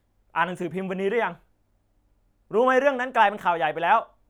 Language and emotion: Thai, angry